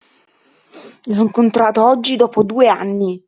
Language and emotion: Italian, angry